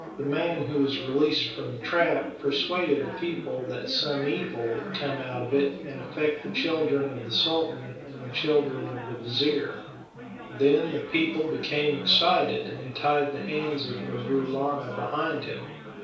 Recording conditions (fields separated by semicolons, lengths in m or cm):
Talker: one person; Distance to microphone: 3.0 m; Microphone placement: far; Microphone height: 1.8 m; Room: small (3.7 m by 2.7 m); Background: babble